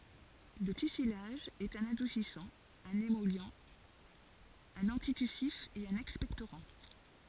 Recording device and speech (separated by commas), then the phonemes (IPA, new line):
forehead accelerometer, read sentence
lə tysilaʒ ɛt œ̃n adusisɑ̃ œ̃n emɔli œ̃n ɑ̃titysif e œ̃n ɛkspɛktoʁɑ̃